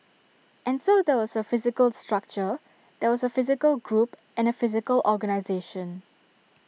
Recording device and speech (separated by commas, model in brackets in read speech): mobile phone (iPhone 6), read sentence